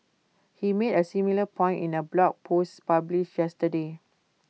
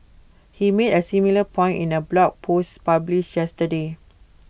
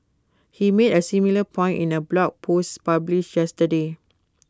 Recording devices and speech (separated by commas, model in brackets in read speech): mobile phone (iPhone 6), boundary microphone (BM630), close-talking microphone (WH20), read sentence